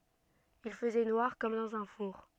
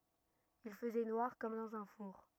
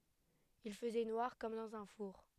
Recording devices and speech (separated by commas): soft in-ear microphone, rigid in-ear microphone, headset microphone, read sentence